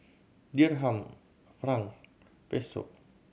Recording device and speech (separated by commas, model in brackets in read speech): mobile phone (Samsung C7100), read sentence